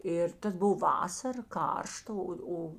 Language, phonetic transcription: Lithuanian, ˈir ˈtas ˈbov ˈvasar ˈkaršta ˈo ˈo

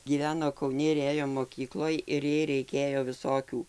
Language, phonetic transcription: Lithuanian, gyˈveno kauˈni ir ˈėjo moˈkykloj ir ˈjai reiˈkėjo viˈsokių

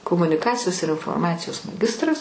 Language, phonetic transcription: Lithuanian, komuniˈkacijos ir inforˈmacijos maˈgistras

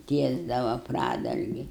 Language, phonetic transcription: Lithuanian, ˈtiesdava ˈpradalgi

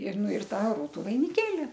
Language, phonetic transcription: Lithuanian, ir ˈnu ir ˈtą ˈrūtu vainiˈkėli

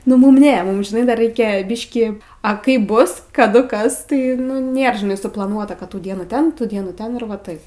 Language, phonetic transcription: Lithuanian, nu ˈmum ˈne ˈmum žiˈnai dar ˈreikia ˈbiškį a ˈkaip ˈbus kaˈdu ˈkas tai nu ˈnėr žiˈnai suplaˈnuota kad ˈtų ˈdienų ˈten ˈtų ˈdienų ˈten ir va ˈtaip

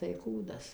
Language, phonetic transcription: Lithuanian, tai ˈkūdas

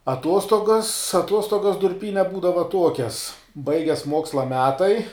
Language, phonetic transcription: Lithuanian, aˈtuostogas aˈtuostogas durˈpyne ˈbūdava ˈtuokias ˈbaigias ˈmuoksla ˈmetai

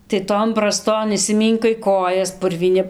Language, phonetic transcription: Lithuanian, tai ˈton braˈston išsiˈmynkai ˈkojas purvyˈni

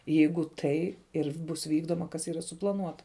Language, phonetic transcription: Lithuanian, ˈjeigu ˈtai ir ˈbus ˈvykdoma kas ˈyra suplaˈnuota

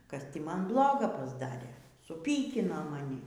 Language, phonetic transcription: Lithuanian, kas ˈtį ˈman ˈbloga pasˈdarė suˈpykino maˈni

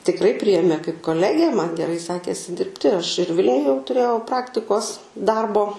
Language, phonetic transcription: Lithuanian, tikˈrai ˈprijėmė kaip koˈlegę man geˈrai ˈsekėsi ˈdirbti aš ir ˈvilniuj jau tuˈrėjau ˈpraktikos ˈdarbo

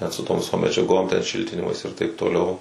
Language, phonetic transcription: Lithuanian, net su tom viˈsom medžiaˈgom ten ˈšiltinimais ir taip toˈliau

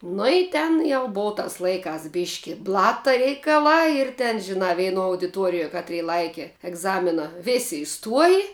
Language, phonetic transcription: Lithuanian, nu i ˈten jau ˈbova ˈtas ˈlaiˌkās ˈbiški ˈblata reikaˈlā ir ten žiˈnā veiˈnuo audiˈtuorijuo ˈkatˌry ˈlaiki egˈzamina ˈvėsi iˈstuoji

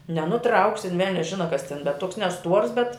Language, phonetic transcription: Lithuanian, nenuˈtrauksi in ˈvelnias ˈžina kas tin betˈ tuoks neˈstuors bet

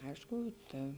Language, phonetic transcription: Lithuanian, ˈaišku ˈta

